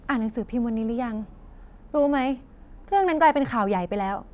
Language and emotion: Thai, frustrated